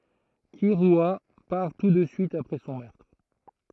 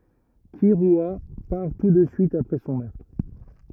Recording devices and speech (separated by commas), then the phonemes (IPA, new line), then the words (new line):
throat microphone, rigid in-ear microphone, read sentence
kiʁya paʁ tu də syit apʁɛ sɔ̃ mœʁtʁ
Kirua part tout de suite après son meurtre.